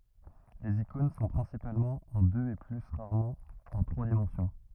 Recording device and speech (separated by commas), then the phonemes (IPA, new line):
rigid in-ear microphone, read sentence
lez ikɔ̃n sɔ̃ pʁɛ̃sipalmɑ̃ ɑ̃ døz e ply ʁaʁmɑ̃ ɑ̃ tʁwa dimɑ̃sjɔ̃